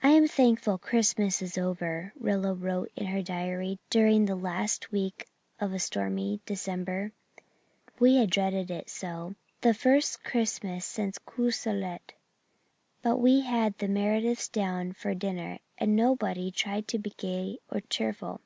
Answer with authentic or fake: authentic